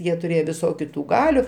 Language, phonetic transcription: Lithuanian, ˈjie tuˈrėjo viˈsokiu ˈtų ˈgaliu

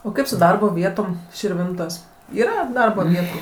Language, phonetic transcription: Lithuanian, o ˈkaip su ˈdarbo ˈvietom širˈvintos' ˈyra ˈdarbo ˈvietu

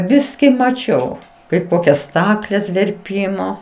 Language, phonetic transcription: Lithuanian, ˈbiski maˈčiau kaip ˈkokias ˈstakles verˈpymo

